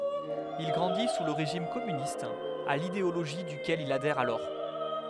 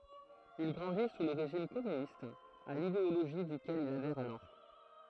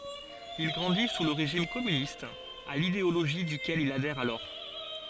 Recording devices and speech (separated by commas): headset microphone, throat microphone, forehead accelerometer, read sentence